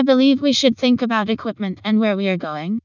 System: TTS, vocoder